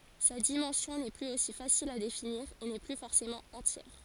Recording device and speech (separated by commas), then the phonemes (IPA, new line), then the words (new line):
forehead accelerometer, read sentence
sa dimɑ̃sjɔ̃ nɛ plyz osi fasil a definiʁ e nɛ ply fɔʁsemɑ̃ ɑ̃tjɛʁ
Sa dimension n'est plus aussi facile à définir et n'est plus forcément entière.